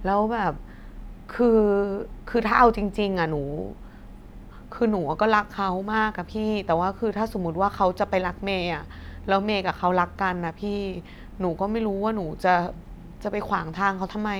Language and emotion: Thai, frustrated